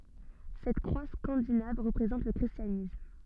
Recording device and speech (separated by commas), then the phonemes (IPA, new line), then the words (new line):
soft in-ear microphone, read sentence
sɛt kʁwa skɑ̃dinav ʁəpʁezɑ̃t lə kʁistjanism
Cette croix scandinave représente le christianisme.